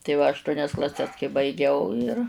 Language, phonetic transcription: Lithuanian, tai ˈva ašˈtuonias klaˈses kai baiˈgiau ir

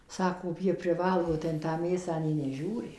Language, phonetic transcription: Lithuanian, ˈsako ˈjie priˈvalgo tai in ˈtą ˈmėsą nei neˈžiūri

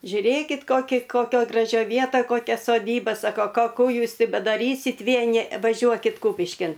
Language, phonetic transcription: Lithuanian, žiuˈrėkit ˈkoki koˈkioj graˈžioj ˈvietaj koˈkia soˈdyba ˈsako ˈko ˈkų ˈjūs ˈti bedaˈrysit' ˈvieni vaˈžiuokit ˈkūpiškin

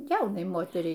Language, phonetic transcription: Lithuanian, ˈjaunai ˈmoteriai

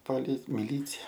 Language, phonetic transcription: Lithuanian, poˈli miˈlycia

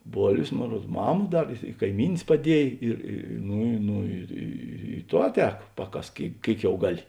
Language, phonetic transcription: Lithuanian, ˈbolvės ˈmon ˈruod ˈmama ˈdar i i kaiˈmynės paˈdiej ir ˈnu ˈnu ir ˈy ˈto ˈaˌtēk ˈpaˌkask ˈkėik ˈkėik jau ˈgaˌli

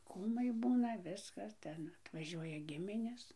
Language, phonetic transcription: Lithuanian, ˈkūmai ˈbūna ˈviskas ˈten atvaˈžiuoja ˈgiminės

